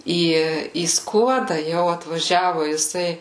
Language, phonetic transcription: Lithuanian, ˈį į ˈskuoda ˈjau atvaˈžiavu jiˈsai

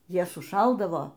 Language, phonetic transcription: Lithuanian, ˈjie suˈšaldavo

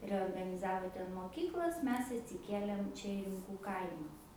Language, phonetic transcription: Lithuanian, reorganiˈzavo ˈten moˈkyklas ˈmes atsiˈkėlėm ˈčia i rimˈkų ˈkaima

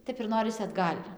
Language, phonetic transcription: Lithuanian, ˈtep ir ˈnorisi atˈgal'

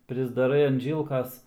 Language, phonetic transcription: Lithuanian, prisdaˈrai an ˈžylkas

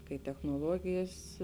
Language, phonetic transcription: Lithuanian, kai technoˈluogijas

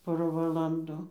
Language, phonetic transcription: Lithuanian, ˈpora valanˈdu

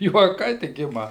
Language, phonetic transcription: Lithuanian, juoˈkai tik ˈima

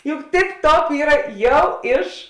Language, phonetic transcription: Lithuanian, juk tip ˈtop ˈyra ˈjau ˈiš

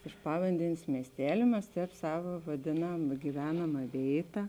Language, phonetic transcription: Lithuanian, iš ˈpavandenės ˈmiestelė ˈmes ˈtēp ˈsava vaˈdėnam giˈvenama ˈvėita

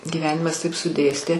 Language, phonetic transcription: Lithuanian, gyˈvenimas ˈtaip suˈdėstė

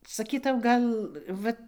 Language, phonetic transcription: Lithuanian, saˈkytau ˈgal ˈvat

